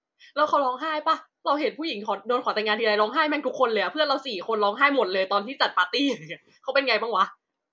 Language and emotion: Thai, happy